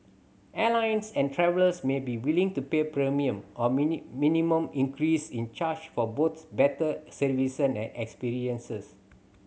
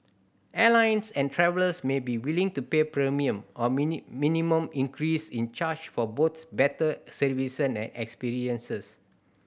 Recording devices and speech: mobile phone (Samsung C7100), boundary microphone (BM630), read sentence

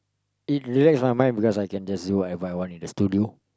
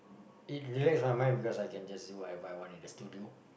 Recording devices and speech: close-talking microphone, boundary microphone, conversation in the same room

